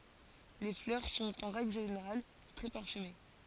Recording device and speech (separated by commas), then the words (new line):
forehead accelerometer, read sentence
Les fleurs sont en règle générale très parfumées.